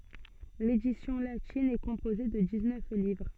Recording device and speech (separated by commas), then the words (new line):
soft in-ear microphone, read sentence
L'édition latine est composée de dix-neuf livres.